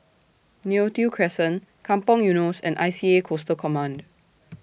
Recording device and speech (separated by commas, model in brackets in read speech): boundary microphone (BM630), read sentence